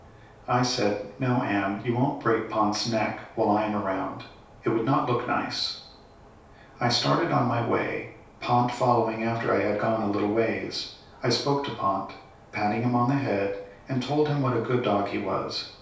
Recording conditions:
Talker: one person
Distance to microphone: 3.0 m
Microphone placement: far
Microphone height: 1.8 m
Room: small (3.7 m by 2.7 m)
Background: none

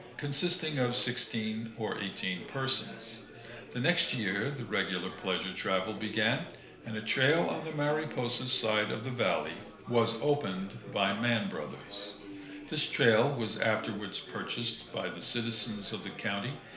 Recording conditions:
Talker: one person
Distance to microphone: 1.0 m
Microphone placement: close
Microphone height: 1.1 m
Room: small (3.7 m by 2.7 m)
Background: babble

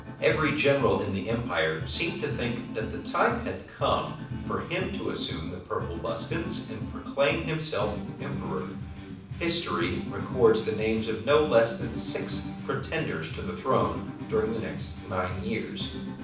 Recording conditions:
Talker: one person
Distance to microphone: 5.8 m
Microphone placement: far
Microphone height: 1.8 m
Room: medium-sized (5.7 m by 4.0 m)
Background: music

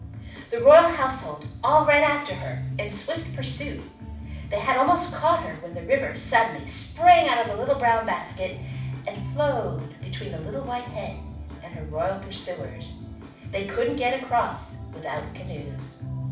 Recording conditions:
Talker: one person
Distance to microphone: 5.8 m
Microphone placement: far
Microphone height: 1.8 m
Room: medium-sized (5.7 m by 4.0 m)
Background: music

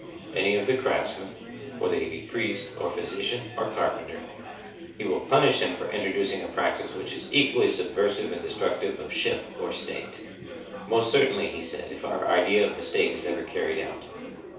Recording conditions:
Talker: one person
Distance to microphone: 3.0 m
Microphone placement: far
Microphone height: 1.8 m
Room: small (3.7 m by 2.7 m)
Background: babble

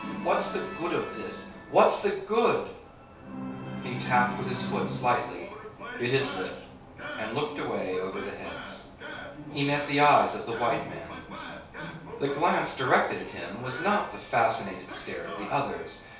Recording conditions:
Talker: one person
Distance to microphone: 3.0 m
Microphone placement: far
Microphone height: 1.8 m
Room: small (3.7 m by 2.7 m)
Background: television

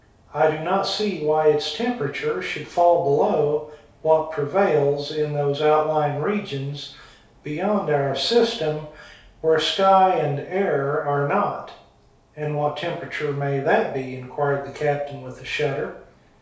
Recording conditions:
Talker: one person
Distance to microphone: 3.0 m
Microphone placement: far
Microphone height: 1.8 m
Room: small (3.7 m by 2.7 m)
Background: none

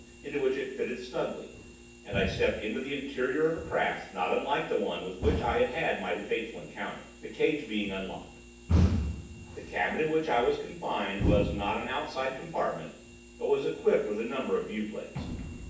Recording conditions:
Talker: one person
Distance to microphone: 9.8 m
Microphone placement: far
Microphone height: 1.8 m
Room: large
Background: none

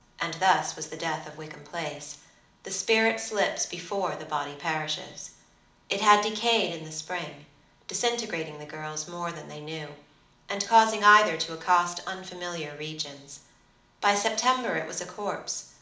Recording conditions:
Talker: one person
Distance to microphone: 2.0 m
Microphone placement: close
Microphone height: 99 cm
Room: medium-sized (5.7 m by 4.0 m)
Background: none

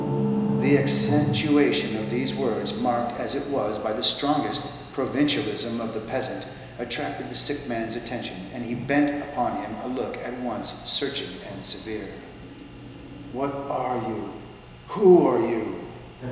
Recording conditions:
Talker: one person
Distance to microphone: 1.7 m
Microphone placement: close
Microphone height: 1.0 m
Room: very reverberant, large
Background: television

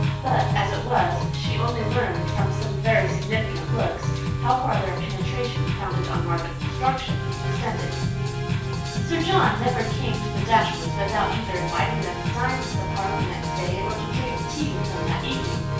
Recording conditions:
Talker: one person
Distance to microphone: 9.8 m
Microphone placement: far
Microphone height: 1.8 m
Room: large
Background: music

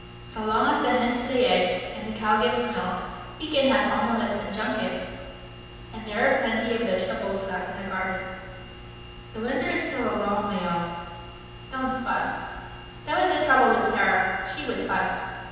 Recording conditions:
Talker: one person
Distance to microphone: 7.1 m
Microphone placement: far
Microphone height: 1.7 m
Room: very reverberant, large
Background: none

